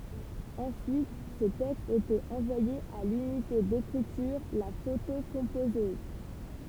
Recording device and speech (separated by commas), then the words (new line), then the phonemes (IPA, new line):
temple vibration pickup, read sentence
Ensuite, ces textes étaient envoyés à l'unité d'écriture, la photocomposeuse.
ɑ̃syit se tɛkstz etɛt ɑ̃vwajez a lynite dekʁityʁ la fotokɔ̃pozøz